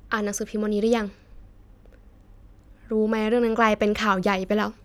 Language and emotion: Thai, frustrated